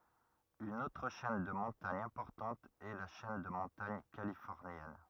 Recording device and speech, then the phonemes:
rigid in-ear microphone, read sentence
yn otʁ ʃɛn də mɔ̃taɲ ɛ̃pɔʁtɑ̃t ɛ la ʃɛn də mɔ̃taɲ kalifɔʁnjɛn

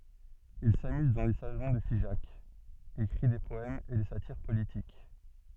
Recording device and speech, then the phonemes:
soft in-ear microphone, read sentence
il samyz dɑ̃ le salɔ̃ də fiʒak ekʁi de pɔɛmz e de satiʁ politik

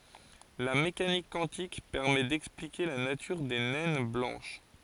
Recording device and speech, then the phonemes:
forehead accelerometer, read sentence
la mekanik kwɑ̃tik pɛʁmɛ dɛksplike la natyʁ de nɛn blɑ̃ʃ

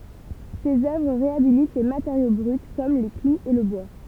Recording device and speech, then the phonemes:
temple vibration pickup, read sentence
sez œvʁ ʁeabilit le mateʁjo bʁyt kɔm le kluz e lə bwa

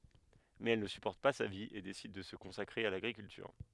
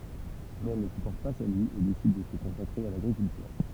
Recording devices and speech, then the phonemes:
headset microphone, temple vibration pickup, read sentence
mɛz ɛl nə sypɔʁt pa sa vi e desid də sə kɔ̃sakʁe a laɡʁikyltyʁ

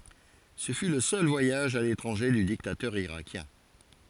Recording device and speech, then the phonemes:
forehead accelerometer, read sentence
sə fy lə sœl vwajaʒ a letʁɑ̃ʒe dy diktatœʁ iʁakjɛ̃

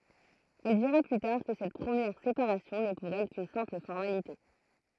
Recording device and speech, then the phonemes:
throat microphone, read sentence
ɛl diʁa ply taʁ kə sɛt pʁəmjɛʁ sepaʁasjɔ̃ nɛ puʁ ɛl kyn sɛ̃pl fɔʁmalite

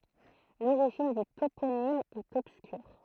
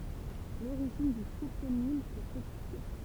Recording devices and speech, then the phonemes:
throat microphone, temple vibration pickup, read sentence
loʁiʒin dy toponim ɛt ɔbskyʁ

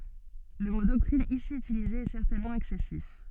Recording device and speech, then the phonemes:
soft in-ear microphone, read sentence
lə mo dɔktʁin isi ytilize ɛ sɛʁtɛnmɑ̃ ɛksɛsif

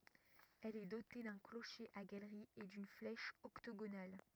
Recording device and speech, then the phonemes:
rigid in-ear microphone, read sentence
ɛl ɛ dote dœ̃ kloʃe a ɡalʁi e dyn flɛʃ ɔktoɡonal

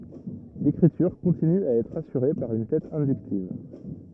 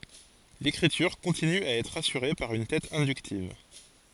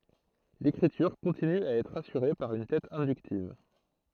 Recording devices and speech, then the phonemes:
rigid in-ear microphone, forehead accelerometer, throat microphone, read sentence
lekʁityʁ kɔ̃tiny a ɛtʁ asyʁe paʁ yn tɛt ɛ̃dyktiv

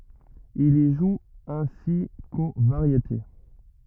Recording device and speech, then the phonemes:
rigid in-ear microphone, read sentence
il i ʒu ɛ̃si ko vaʁjete

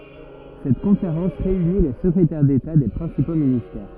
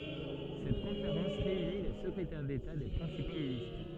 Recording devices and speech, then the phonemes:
rigid in-ear microphone, soft in-ear microphone, read sentence
sɛt kɔ̃feʁɑ̃s ʁeyni le səkʁetɛʁ deta de pʁɛ̃sipo ministɛʁ

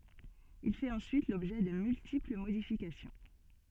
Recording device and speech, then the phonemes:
soft in-ear microphone, read sentence
il fɛt ɑ̃syit lɔbʒɛ də myltipl modifikasjɔ̃

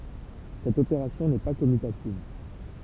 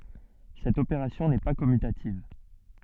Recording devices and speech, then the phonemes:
temple vibration pickup, soft in-ear microphone, read sentence
sɛt opeʁasjɔ̃ nɛ pa kɔmytativ

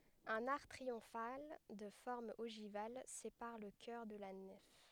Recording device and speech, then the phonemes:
headset microphone, read sentence
œ̃n aʁk tʁiɔ̃fal də fɔʁm oʒival sepaʁ lə kœʁ də la nɛf

